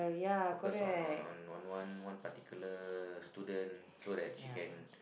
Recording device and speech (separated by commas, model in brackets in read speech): boundary microphone, conversation in the same room